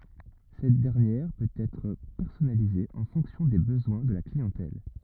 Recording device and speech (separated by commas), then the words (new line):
rigid in-ear microphone, read sentence
Cette dernière peut être personnalisée en fonction des besoins de la clientèle.